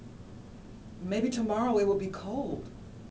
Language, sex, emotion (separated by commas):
English, female, neutral